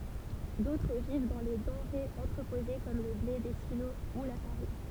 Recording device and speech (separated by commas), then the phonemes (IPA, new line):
temple vibration pickup, read sentence
dotʁ viv dɑ̃ le dɑ̃ʁez ɑ̃tʁəpoze kɔm lə ble de silo u la faʁin